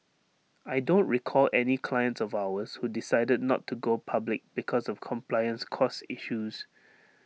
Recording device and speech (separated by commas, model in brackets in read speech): mobile phone (iPhone 6), read sentence